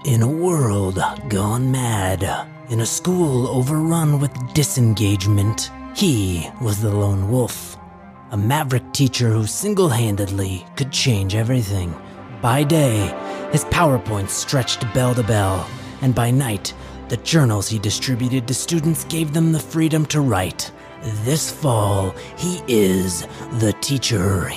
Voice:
in movie preview announcer voice